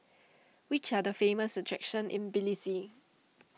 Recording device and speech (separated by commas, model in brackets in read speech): mobile phone (iPhone 6), read sentence